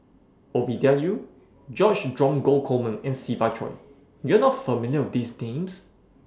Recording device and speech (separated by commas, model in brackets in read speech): standing microphone (AKG C214), read sentence